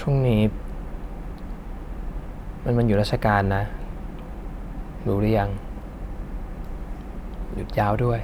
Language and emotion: Thai, sad